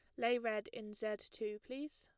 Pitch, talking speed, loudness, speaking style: 220 Hz, 205 wpm, -41 LUFS, plain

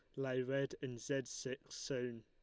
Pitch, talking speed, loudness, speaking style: 130 Hz, 175 wpm, -42 LUFS, Lombard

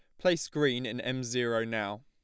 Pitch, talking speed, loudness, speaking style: 125 Hz, 195 wpm, -31 LUFS, plain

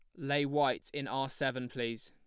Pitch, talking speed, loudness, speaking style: 135 Hz, 195 wpm, -34 LUFS, plain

